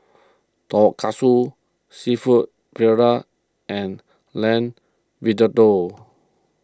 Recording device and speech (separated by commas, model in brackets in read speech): close-talking microphone (WH20), read sentence